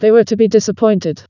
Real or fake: fake